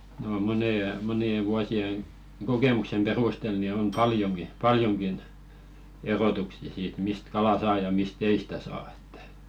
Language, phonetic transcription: Finnish, no 'monèje- 'moni₍e vuosieŋ , "ɢokèmuksem 'perustel ni on "paljoŋki , 'paljoŋkin , 'erotuksi₍ᵃ siit mist 'kala "saa ja 'mis"t ‿ei stä saa ᴇttᴀ̈ .
- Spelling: no - monien vuosien kokemuksen perusteella niin on paljonkin paljonkin erotuksia siitä mistä kalaa saa ja mistä ei sitä saa että

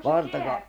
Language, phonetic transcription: Finnish, Valtaka- ...
- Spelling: -

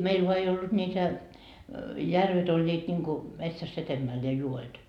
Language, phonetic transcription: Finnish, 'meil voa ei ollut 'ńiitä , 'järvet oĺĺiit ńiŋku , 'metsäs's ‿etemmäl ja 'juo₍et .
- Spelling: meillä vain ei ollut niitä järvet olivat niin kuin metsässä edemmällä ja joet

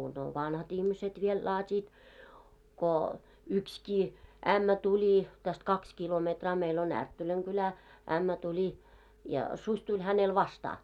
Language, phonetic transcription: Finnish, no 'vanhat ‿ihmiset viel 'laat́iit , ko , 'ykskii , "ämmä 'tuĺi , täst "kaks 'kilometraa 'meil ‿ o"n ‿Ärttöläŋ ɢulä , 'ämmä tuĺi , ja , 'suś tuĺ 'hänel "vastaa .
- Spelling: no vanhat ihmiset vielä laativat kun yksikin ämmä tuli tästä kaksi kilometriä meillä on Ärttölän kylä ämmä tuli ja susi tuli hänelle vastaan

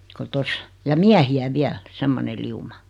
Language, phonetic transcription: Finnish, ko 'tos , ja "miähi₍ä "viäl , "semmone 'liuma .
- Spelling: kun tuossa ja miehiä vielä semmoinen lauma

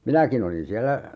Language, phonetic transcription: Finnish, "minäkin ‿olin 'siälä , .
- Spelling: minäkin olin siellä

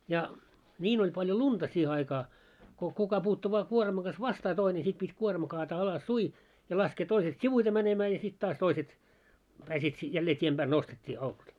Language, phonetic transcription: Finnish, ja , "ńiin ‿oĺ paljo "lunta 'siihe aikaa , ko 'kuka puuttu vaa 'kuormaŋ ɢas "vastaa 'toine sit pit́ 'kuorma kaataa 'alas"sui , ja 'laskee 'toiset "sivuite mänemää ja 'sit taas 'toiset , 'pääsiit , 'jällee 't́iem ʙääl 'nostet́t́ii au- .
- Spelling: ja niin oli paljon lunta siihen aikaa kun kuka puuttui vain kuorman kanssa vastaan toinen sitten piti kuorma kaataa alassuin ja laskee toiset sivuiten menemään ja sitten taas toiset pääsivät jälleen tien päälle nostettiin -

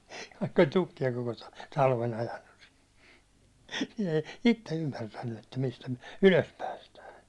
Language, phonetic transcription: Finnish, vaikk ‿oĺ 'tukki₍a koko ta- , 'talven̬ ‿ajannus sɪ , nⁱ ei 'itte 'ymmärtänny että mistä myäₒ "ylös päästää .
- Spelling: vaikka oli tukkia koko - talven ajanut - ne ei itse ymmärtänyt että mistä me ylös päästään

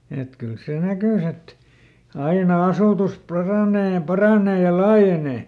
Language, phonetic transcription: Finnish, et ˈkyl ˈsè "näkys ‿et , "aina ˈasùtus ˈparànee ja ˈparanee ja "laajenè .
- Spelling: että kyllä se näkyi että aina asutus paranee ja paranee ja laajenee

